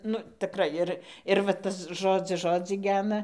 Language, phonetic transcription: Lithuanian, ˈnu tiˈkrai ir ir va ˈtas ˈžodzis ˈžodzį ˈgena

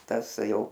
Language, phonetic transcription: Lithuanian, ˈtas ˈjau

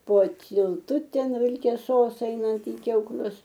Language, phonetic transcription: Lithuanian, po tylˈtuˈten vilkeˈsos ˈeinant i kiauˈklius

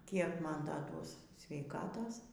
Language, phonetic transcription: Lithuanian, ˈkiek ˈman ˈda ˈduos sveiˈkatos

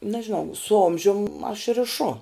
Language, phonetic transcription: Lithuanian, nažiˈnau su ˈomžium aš riˈšu

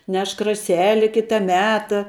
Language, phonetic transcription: Lithuanian, ˈnešk raˈseli ˈkita ˈmeta

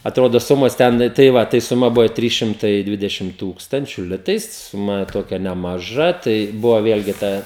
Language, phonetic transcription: Lithuanian, aˈtrodo ˈsumos ˈten tai ˈva tai suˈma ˈbuvo ˈtrys šimˈtai ˈdvidešim ˈtūkstančiu ˈlitais suˈma ˈtokia nemaˈža ˈtai ˈbuvo ˈvėlgi ˈtą

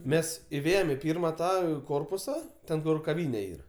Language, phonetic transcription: Lithuanian, ˈmes iˈvėjem i ˈpyrma ˈtą ˈkorpusa ˈten kur kaˈvyne ˈyr

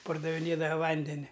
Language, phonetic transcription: Lithuanian, pardaviˈnėda ˈvandeni

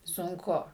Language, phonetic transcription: Lithuanian, sunˈku

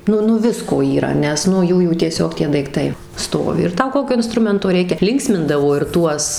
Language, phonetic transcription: Lithuanian, ˈnu ˈnu ˈvisko yˈra ˈnes nu ˈjųjų tieˈsiog ˈtie daikˈtai ˈstovi ir ˈtau ˈkokio inˈstrumento ˈreikia ˈlinksmindavo ir ˈtuos

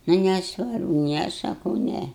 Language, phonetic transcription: Lithuanian, ˈnu neˈsvarbu ˈne saˈkau ˈne

